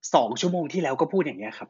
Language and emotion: Thai, frustrated